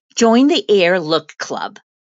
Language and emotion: English, happy